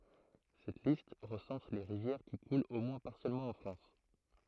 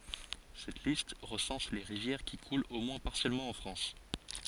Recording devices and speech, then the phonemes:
throat microphone, forehead accelerometer, read sentence
sɛt list ʁəsɑ̃s le ʁivjɛʁ ki kult o mwɛ̃ paʁsjɛlmɑ̃ ɑ̃ fʁɑ̃s

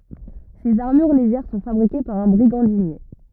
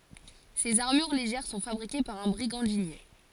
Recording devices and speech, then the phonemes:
rigid in-ear microphone, forehead accelerometer, read sentence
sez aʁmyʁ leʒɛʁ sɔ̃ fabʁike paʁ œ̃ bʁiɡɑ̃dinje

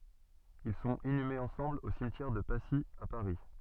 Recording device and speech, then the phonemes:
soft in-ear microphone, read sentence
il sɔ̃t inymez ɑ̃sɑ̃bl o simtjɛʁ də pasi a paʁi

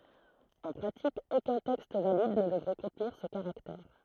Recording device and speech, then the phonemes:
throat microphone, read sentence
ɑ̃ pʁatik okœ̃ tɛkst valid nə dəvʁɛ kɔ̃tniʁ sə kaʁaktɛʁ

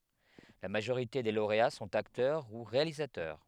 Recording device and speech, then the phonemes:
headset microphone, read sentence
la maʒoʁite de loʁea sɔ̃t aktœʁ u ʁealizatœʁ

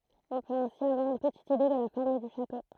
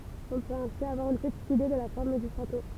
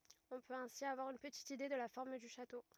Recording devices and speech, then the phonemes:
throat microphone, temple vibration pickup, rigid in-ear microphone, read sentence
ɔ̃ pøt ɛ̃si avwaʁ yn pətit ide də la fɔʁm dy ʃato

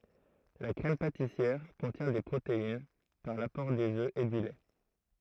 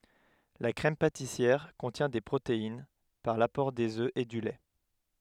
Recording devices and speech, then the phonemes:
throat microphone, headset microphone, read sentence
la kʁɛm patisjɛʁ kɔ̃tjɛ̃ de pʁotein paʁ lapɔʁ dez ø e dy lɛ

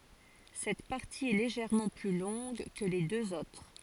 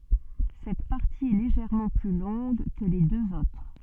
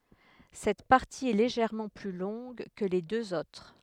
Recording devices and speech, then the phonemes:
forehead accelerometer, soft in-ear microphone, headset microphone, read sentence
sɛt paʁti ɛ leʒɛʁmɑ̃ ply lɔ̃ɡ kə le døz otʁ

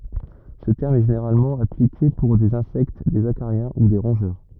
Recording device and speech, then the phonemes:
rigid in-ear microphone, read sentence
sə tɛʁm ɛ ʒeneʁalmɑ̃ aplike puʁ dez ɛ̃sɛkt dez akaʁjɛ̃ u de ʁɔ̃ʒœʁ

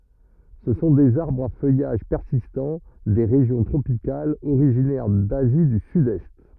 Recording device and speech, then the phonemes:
rigid in-ear microphone, read sentence
sə sɔ̃ dez aʁbʁz a fœjaʒ pɛʁsistɑ̃ de ʁeʒjɔ̃ tʁopikalz oʁiʒinɛʁ dazi dy sydɛst

